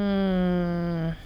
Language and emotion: Thai, neutral